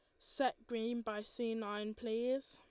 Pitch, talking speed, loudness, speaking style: 230 Hz, 155 wpm, -40 LUFS, Lombard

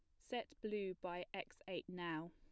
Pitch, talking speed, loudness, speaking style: 185 Hz, 170 wpm, -47 LUFS, plain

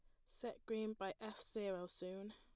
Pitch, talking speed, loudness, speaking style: 205 Hz, 175 wpm, -47 LUFS, plain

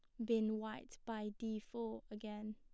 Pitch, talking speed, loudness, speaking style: 220 Hz, 160 wpm, -44 LUFS, plain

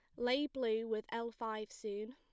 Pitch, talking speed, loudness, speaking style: 225 Hz, 185 wpm, -39 LUFS, plain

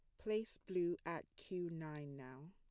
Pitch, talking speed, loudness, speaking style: 170 Hz, 155 wpm, -45 LUFS, plain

